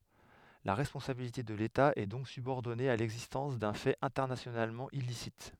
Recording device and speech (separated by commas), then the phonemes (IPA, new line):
headset microphone, read sentence
la ʁɛspɔ̃sabilite də leta ɛ dɔ̃k sybɔʁdɔne a lɛɡzistɑ̃s dœ̃ fɛt ɛ̃tɛʁnasjonalmɑ̃ ilisit